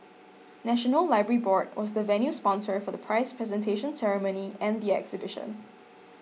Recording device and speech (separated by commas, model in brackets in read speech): mobile phone (iPhone 6), read sentence